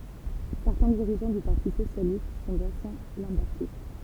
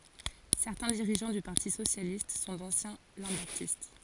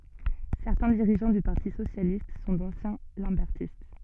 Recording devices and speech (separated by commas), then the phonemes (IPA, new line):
temple vibration pickup, forehead accelerometer, soft in-ear microphone, read sentence
sɛʁtɛ̃ diʁiʒɑ̃ dy paʁti sosjalist sɔ̃ dɑ̃sjɛ̃ lɑ̃bɛʁtist